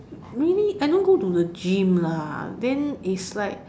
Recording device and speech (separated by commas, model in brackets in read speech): standing microphone, conversation in separate rooms